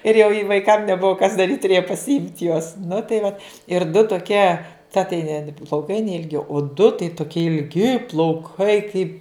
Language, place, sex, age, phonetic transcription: Lithuanian, Žemaitija, female, 60+, ir jau i vaiˈkam neˈbuvo kas daˈryt' tuˈrėja pasiˈimt' juos nu tai vat ir du toˈkie ta tai ne plauˈkai neilˈgi o du tai toˈkie ilˈgi plauˈkai kaip

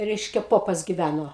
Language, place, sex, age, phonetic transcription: Lithuanian, Aukštaitija, female, 60+, ˈreiškia ˈpopas giˈvæno

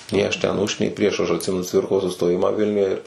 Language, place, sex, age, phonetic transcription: Lithuanian, Suvalkija, male, 18-60, nei ˈaš ten ˈuž nei ˈprieš ˈaš atˈsimenu ˈcvirkos sustoˈjimą ˈvilniuje ir

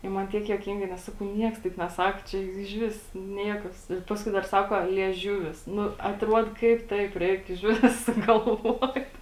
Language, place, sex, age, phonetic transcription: Lithuanian, Žemaitija, female, 18-60, i ˈman ˈtiek juoˈkingai nes ˈsakau ˈnieks taip neˈsak čia juk ižˈvis ˈniekas ir ˈpaskui dar ˈsako lieˈžiuvis ˈnu atˈruod ˈkaip ˈtaip ˈreik išˈvis sugalˈvuot

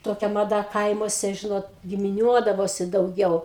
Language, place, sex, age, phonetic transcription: Lithuanian, Aukštaitija, female, 60+, toˈkia maˈda ˈkaimuose ˈžinot gimiˈniuodavosi dauˈgiau

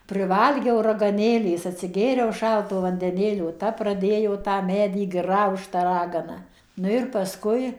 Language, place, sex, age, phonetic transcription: Lithuanian, Suvalkija, female, 60+, prɨˈvalgiau ragaˈnėlės atsiˈgėriau ˈšalto vandeˈnėlio ˈta praˈdėjo tą ˈmedį ˈgraužt ta ˈragana ˈnu ir paˈskui

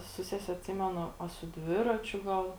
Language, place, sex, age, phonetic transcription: Lithuanian, Žemaitija, female, 18-60, su ˈsese atˈsimenu a su ˈdviračiu ˈgal

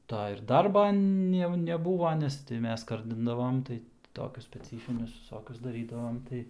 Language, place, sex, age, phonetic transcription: Lithuanian, Aukštaitija, male, 18-60, ˈta ir ˈdarba jau neˈbūva ˈnes tai ˈmes ˈskardindavom ˈtai ˈtokius speˈcyfinius viˈsokius daˈrydavom ˈtai

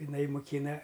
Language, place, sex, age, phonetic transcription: Lithuanian, Aukštaitija, male, 60+, iˈnai muˈkyna

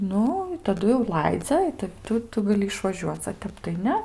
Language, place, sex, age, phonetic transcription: Lithuanian, Aukštaitija, female, 18-60, ˈnu i taˈdu jau ˈlaidzia i ˈta ˈtu ˈtu gaˈli išvaˈžiuoc a ˈtep tai ˈne

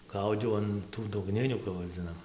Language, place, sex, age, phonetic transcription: Lithuanian, Dzūkija, male, 18-60, ˈgaudiau an ˈtų dugˈninių kap vaˈdzinam

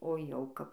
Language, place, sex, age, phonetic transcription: Lithuanian, Dzūkija, female, 18-60, o jauˈkap

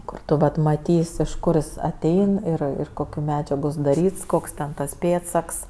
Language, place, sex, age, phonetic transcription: Lithuanian, Aukštaitija, female, 18-60, ˈkur tu ˈvat maˈtys' iš ˈkur jis aˈtein ˈir ˈir ˈkokiu ˈmedžiagu sudaˈryts ˈkoks ten ˈtas ˈpėdsaks

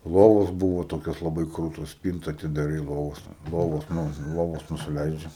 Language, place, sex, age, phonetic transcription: Lithuanian, Aukštaitija, male, 18-60, ˈlovos ˈbūvo ˈtokios laˈbai ˈkrūtos ˈspynta atidaˈrai ˈlovos ˈlovos ˈnu ˈlovos nusiˈleidžia

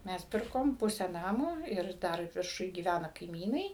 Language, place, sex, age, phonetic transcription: Lithuanian, Suvalkija, female, 60+, ˈmes ˈpirkom ˈpusę ˈnamo ir ˈdar virˈšuj gyˈvæna kaiˈmynai

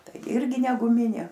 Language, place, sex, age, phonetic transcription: Lithuanian, Aukštaitija, female, 60+, ˈtai ˈirgi ne guˈminė

